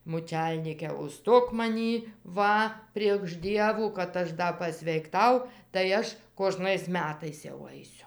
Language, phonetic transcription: Lithuanian, mūˈčelnyke uˈžstok maˈnį ˈva priegš ˈdievų kad ˈaš ˈda pasveikˈtau tai ˈaš koˈžnais ˈmetais jau ˈaisiu

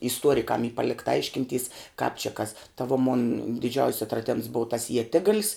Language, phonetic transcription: Lithuanian, isˈtuorikam y ˈpalikta ˈaiškinˌtys kāp či kas ta vo mon diˈdžiaus' atraˈdems bov tas ieˈtigal's

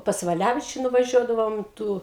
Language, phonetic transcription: Lithuanian, pas vaˈlævičiu nuvaˈžiuodavom ˈtų

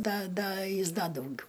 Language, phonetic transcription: Lithuanian, ˈda ˈda ˈjis ˈda dauˈgiu

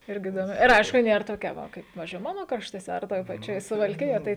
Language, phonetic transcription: Lithuanian, ˈirgi idoˈmi ir ˈaišku ˈnėr toˈkia ˈva ˈkaip ˈpavizdžiui ˈmano kraštuoˈse ar ˈtoj paˈčioj suvalˈkijoj tai

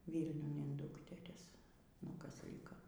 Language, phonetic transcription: Lithuanian, ˈvylniun in ˈdukteris nu ˈkas ˈlika

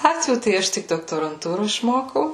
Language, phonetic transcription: Lithuanian, ˈlatvių tai ˈaš tik doktoranˈtūro išˈmokau

